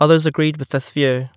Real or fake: real